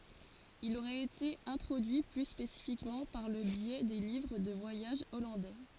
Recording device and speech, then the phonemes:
forehead accelerometer, read sentence
il oʁɛt ete ɛ̃tʁodyi ply spesifikmɑ̃ paʁ lə bjɛ de livʁ də vwajaʒ ɔlɑ̃dɛ

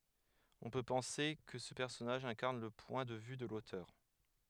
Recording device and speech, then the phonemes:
headset microphone, read sentence
ɔ̃ pø pɑ̃se kə sə pɛʁsɔnaʒ ɛ̃kaʁn lə pwɛ̃ də vy də lotœʁ

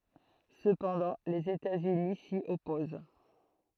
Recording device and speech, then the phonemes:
throat microphone, read sentence
səpɑ̃dɑ̃ lez etatsyni si ɔpoz

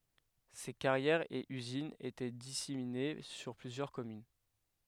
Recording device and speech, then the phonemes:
headset microphone, read sentence
se kaʁjɛʁz e yzinz etɛ disemine syʁ plyzjœʁ kɔmyn

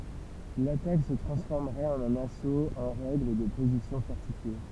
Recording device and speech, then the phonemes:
temple vibration pickup, read sentence
latak sə tʁɑ̃sfɔʁməʁɛt ɑ̃n œ̃n asot ɑ̃ ʁɛɡl də pozisjɔ̃ fɔʁtifje

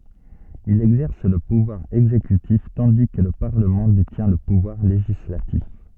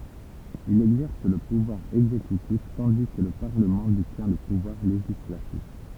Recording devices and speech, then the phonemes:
soft in-ear microphone, temple vibration pickup, read sentence
il ɛɡzɛʁs lə puvwaʁ ɛɡzekytif tɑ̃di kə lə paʁləmɑ̃ detjɛ̃ lə puvwaʁ leʒislatif

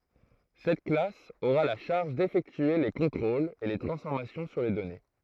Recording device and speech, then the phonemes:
throat microphone, read sentence
sɛt klas oʁa la ʃaʁʒ defɛktye le kɔ̃tʁolz e le tʁɑ̃sfɔʁmasjɔ̃ syʁ le dɔne

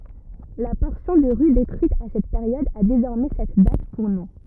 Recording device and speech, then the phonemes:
rigid in-ear microphone, read sentence
la pɔʁsjɔ̃ də ʁy detʁyit a sɛt peʁjɔd a dezɔʁmɛ sɛt dat puʁ nɔ̃

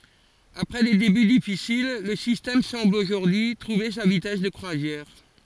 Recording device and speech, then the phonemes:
forehead accelerometer, read sentence
apʁɛ de deby difisil lə sistɛm sɑ̃bl oʒuʁdyi y tʁuve sa vitɛs də kʁwazjɛʁ

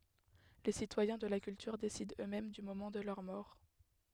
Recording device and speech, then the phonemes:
headset microphone, read sentence
le sitwajɛ̃ də la kyltyʁ desidɑ̃ øksmɛm dy momɑ̃ də lœʁ mɔʁ

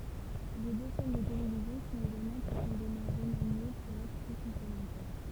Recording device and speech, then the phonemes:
temple vibration pickup, read sentence
le dø ʃɛn də televizjɔ̃ sɔ̃t eɡalmɑ̃ pʁofɔ̃demɑ̃ ʁəmanje puʁ ɛtʁ ply kɔ̃plemɑ̃tɛʁ

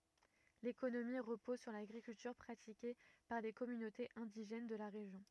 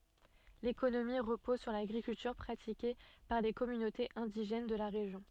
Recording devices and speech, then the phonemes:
rigid in-ear microphone, soft in-ear microphone, read sentence
lekonomi ʁəpɔz syʁ laɡʁikyltyʁ pʁatike paʁ le kɔmynotez ɛ̃diʒɛn də la ʁeʒjɔ̃

